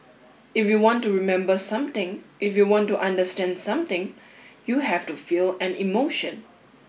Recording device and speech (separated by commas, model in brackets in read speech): boundary microphone (BM630), read sentence